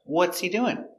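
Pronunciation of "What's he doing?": In 'What's he doing?', 'What's' is stressed, and 'he' is unstressed with a silent h.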